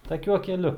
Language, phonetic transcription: Lithuanian, taˈkiuo keˈliu

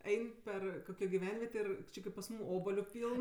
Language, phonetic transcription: Lithuanian, ˈein' ˈper ˈkokio giˈvenvietė ir ˈči kaip pas ˈmūm ˈobaliu ˈpyln

